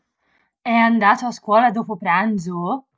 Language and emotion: Italian, surprised